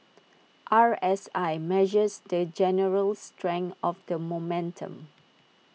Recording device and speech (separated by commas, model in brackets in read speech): mobile phone (iPhone 6), read sentence